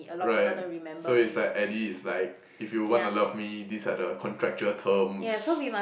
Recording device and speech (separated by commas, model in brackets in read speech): boundary microphone, conversation in the same room